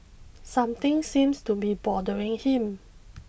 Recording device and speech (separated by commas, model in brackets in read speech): boundary microphone (BM630), read sentence